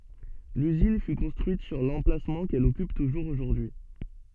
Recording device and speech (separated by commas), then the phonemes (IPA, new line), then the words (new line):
soft in-ear microphone, read sentence
lyzin fy kɔ̃stʁyit syʁ lɑ̃plasmɑ̃ kɛl ɔkyp tuʒuʁz oʒuʁdyi
L'usine fut construite sur l'emplacement qu'elle occupe toujours aujourd'hui.